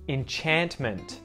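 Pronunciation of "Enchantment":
In 'Enchantment', the T after the N is pronounced, not muted.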